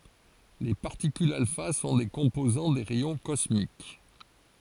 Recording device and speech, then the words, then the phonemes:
forehead accelerometer, read sentence
Les particules alpha sont des composants des rayons cosmiques.
le paʁtikylz alfa sɔ̃ de kɔ̃pozɑ̃ de ʁɛjɔ̃ kɔsmik

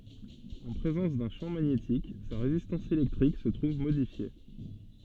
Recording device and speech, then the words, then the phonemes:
soft in-ear microphone, read sentence
En présence d'un champ magnétique, sa résistance électrique se trouve modifiée.
ɑ̃ pʁezɑ̃s dœ̃ ʃɑ̃ maɲetik sa ʁezistɑ̃s elɛktʁik sə tʁuv modifje

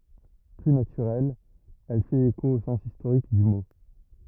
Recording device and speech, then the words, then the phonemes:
rigid in-ear microphone, read sentence
Plus naturelle, elle fait écho au sens historique du mot.
ply natyʁɛl ɛl fɛt eko o sɑ̃s istoʁik dy mo

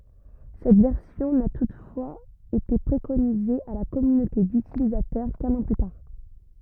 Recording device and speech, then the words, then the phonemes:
rigid in-ear microphone, read sentence
Cette version n'a toutefois été préconisée à la communauté d'utilisateurs qu'un an plus tard.
sɛt vɛʁsjɔ̃ na tutfwaz ete pʁekonize a la kɔmynote dytilizatœʁ kœ̃n ɑ̃ ply taʁ

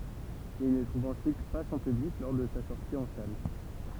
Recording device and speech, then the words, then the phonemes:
temple vibration pickup, read sentence
Il ne trouve ensuite pas son public lors de sa sortie en salle.
il nə tʁuv ɑ̃syit pa sɔ̃ pyblik lɔʁ də sa sɔʁti ɑ̃ sal

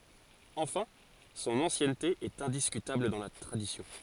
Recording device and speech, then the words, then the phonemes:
forehead accelerometer, read sentence
Enfin, son ancienneté est indiscutable dans la tradition.
ɑ̃fɛ̃ sɔ̃n ɑ̃sjɛnte ɛt ɛ̃diskytabl dɑ̃ la tʁadisjɔ̃

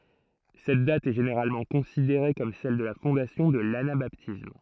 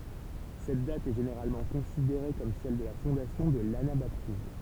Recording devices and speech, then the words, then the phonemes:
throat microphone, temple vibration pickup, read sentence
Cette date est généralement considérée comme celle de la fondation de l'anabaptisme.
sɛt dat ɛ ʒeneʁalmɑ̃ kɔ̃sideʁe kɔm sɛl də la fɔ̃dasjɔ̃ də lanabatism

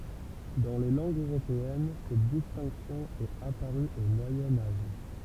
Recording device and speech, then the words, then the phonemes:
temple vibration pickup, read sentence
Dans les langues européennes, cette distinction est apparue au Moyen Âge.
dɑ̃ le lɑ̃ɡz øʁopeɛn sɛt distɛ̃ksjɔ̃ ɛt apaʁy o mwajɛ̃ aʒ

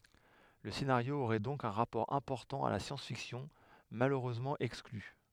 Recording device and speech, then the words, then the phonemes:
headset microphone, read sentence
Le scénario aurait donc un rapport important à la science fiction, malheureusement exclu...
lə senaʁjo oʁɛ dɔ̃k œ̃ ʁapɔʁ ɛ̃pɔʁtɑ̃ a la sjɑ̃s fiksjɔ̃ maløʁøzmɑ̃ ɛkskly

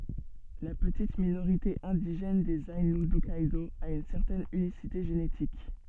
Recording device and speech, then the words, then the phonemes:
soft in-ear microphone, read sentence
La petite minorité indigène des Aïnous d'Hokkaidō a une certaine unicité génétique.
la pətit minoʁite ɛ̃diʒɛn dez ainu dɔkkɛdo a yn sɛʁtɛn ynisite ʒenetik

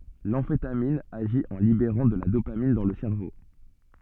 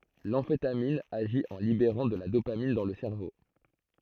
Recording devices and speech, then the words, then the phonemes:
soft in-ear microphone, throat microphone, read sentence
L'amphétamine agit en libérant de la dopamine dans le cerveau.
lɑ̃fetamin aʒi ɑ̃ libeʁɑ̃ də la dopamin dɑ̃ lə sɛʁvo

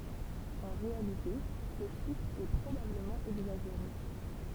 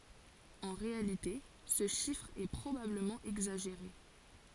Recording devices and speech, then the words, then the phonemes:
temple vibration pickup, forehead accelerometer, read sentence
En réalité, ce chiffre est probablement exagéré.
ɑ̃ ʁealite sə ʃifʁ ɛ pʁobabləmɑ̃ ɛɡzaʒeʁe

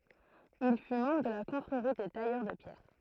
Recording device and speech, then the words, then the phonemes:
throat microphone, read sentence
Il fut membre de la Confrérie des tailleurs de pierre.
il fy mɑ̃bʁ də la kɔ̃fʁeʁi de tajœʁ də pjɛʁ

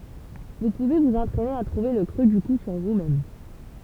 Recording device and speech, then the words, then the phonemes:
temple vibration pickup, read sentence
Vous pouvez vous entraîner à trouver le creux du cou sur vous-même.
vu puve vuz ɑ̃tʁɛne a tʁuve lə kʁø dy ku syʁ vusmɛm

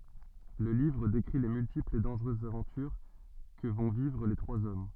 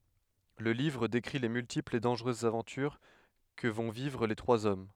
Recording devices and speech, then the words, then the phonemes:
soft in-ear microphone, headset microphone, read sentence
Le livre décrit les multiples et dangereuses aventures que vont vivre les trois hommes.
lə livʁ dekʁi le myltiplz e dɑ̃ʒʁøzz avɑ̃tyʁ kə vɔ̃ vivʁ le tʁwaz ɔm

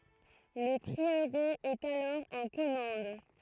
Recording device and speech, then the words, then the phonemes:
throat microphone, read sentence
Le prieuré est alors en commende.
lə pʁiøʁe ɛt alɔʁ ɑ̃ kɔmɑ̃d

